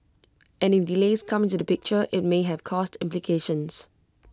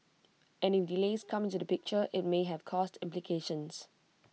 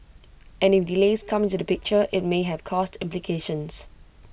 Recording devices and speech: close-talking microphone (WH20), mobile phone (iPhone 6), boundary microphone (BM630), read sentence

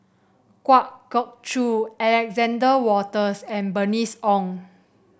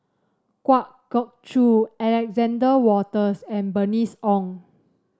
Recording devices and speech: boundary microphone (BM630), standing microphone (AKG C214), read sentence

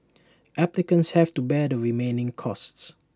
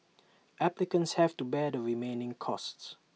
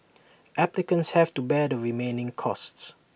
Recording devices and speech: standing microphone (AKG C214), mobile phone (iPhone 6), boundary microphone (BM630), read sentence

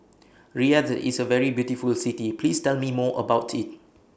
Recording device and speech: boundary microphone (BM630), read sentence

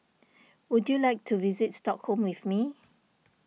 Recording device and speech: mobile phone (iPhone 6), read sentence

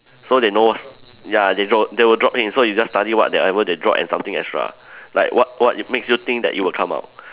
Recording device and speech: telephone, conversation in separate rooms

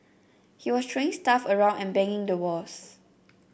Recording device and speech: boundary microphone (BM630), read sentence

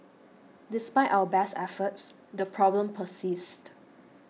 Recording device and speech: mobile phone (iPhone 6), read sentence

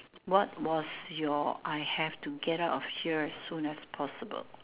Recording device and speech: telephone, conversation in separate rooms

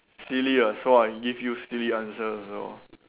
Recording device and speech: telephone, conversation in separate rooms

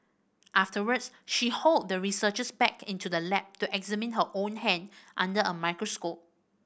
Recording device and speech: boundary microphone (BM630), read sentence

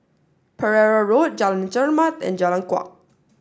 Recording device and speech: standing microphone (AKG C214), read sentence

